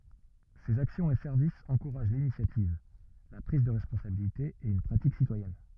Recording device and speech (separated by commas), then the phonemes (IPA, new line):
rigid in-ear microphone, read sentence
sez aksjɔ̃z e sɛʁvisz ɑ̃kuʁaʒ linisjativ la pʁiz də ʁɛspɔ̃sabilite e yn pʁatik sitwajɛn